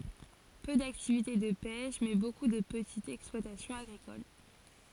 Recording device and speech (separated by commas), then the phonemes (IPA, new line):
forehead accelerometer, read sentence
pø daktivite də pɛʃ mɛ boku də pətitz ɛksplwatasjɔ̃z aɡʁikol